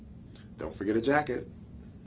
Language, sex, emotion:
English
male
neutral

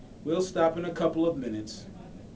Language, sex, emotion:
English
male
neutral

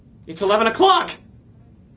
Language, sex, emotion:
English
male
fearful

